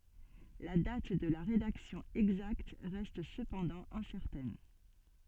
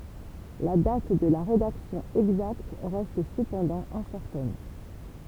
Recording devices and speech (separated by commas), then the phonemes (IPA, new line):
soft in-ear microphone, temple vibration pickup, read sentence
la dat də la ʁedaksjɔ̃ ɛɡzakt ʁɛst səpɑ̃dɑ̃ ɛ̃sɛʁtɛn